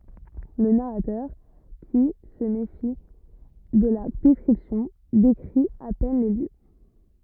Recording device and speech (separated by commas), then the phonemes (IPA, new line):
rigid in-ear microphone, read sentence
lə naʁatœʁ ki sə mefi də la dɛskʁipsjɔ̃ dekʁi a pɛn le ljø